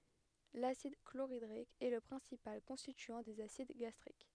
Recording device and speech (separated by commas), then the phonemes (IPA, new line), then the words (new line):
headset microphone, read sentence
lasid kloʁidʁik ɛ lə pʁɛ̃sipal kɔ̃stityɑ̃ dez asid ɡastʁik
L'acide chlorhydrique est le principal constituant des acides gastriques.